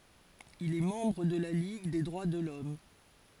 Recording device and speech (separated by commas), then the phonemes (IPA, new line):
forehead accelerometer, read sentence
il ɛ mɑ̃bʁ də la liɡ de dʁwa də lɔm